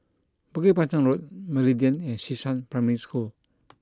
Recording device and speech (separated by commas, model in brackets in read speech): close-talking microphone (WH20), read sentence